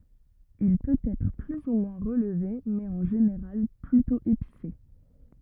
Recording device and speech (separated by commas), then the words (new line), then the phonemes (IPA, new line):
rigid in-ear microphone, read sentence
Il peut être plus ou moins relevé, mais en général plutôt épicé.
il pøt ɛtʁ ply u mwɛ̃ ʁəlve mɛz ɑ̃ ʒeneʁal plytɔ̃ epise